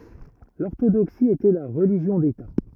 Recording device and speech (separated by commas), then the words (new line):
rigid in-ear microphone, read sentence
L'orthodoxie était la religion d’État.